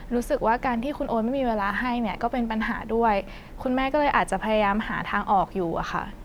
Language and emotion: Thai, frustrated